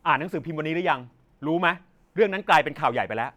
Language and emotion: Thai, angry